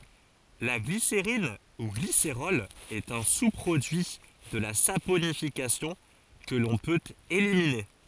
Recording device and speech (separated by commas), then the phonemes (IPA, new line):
forehead accelerometer, read sentence
la ɡliseʁin u ɡliseʁɔl ɛt œ̃ su pʁodyi də la saponifikasjɔ̃ kə lɔ̃ pøt elimine